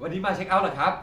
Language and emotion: Thai, happy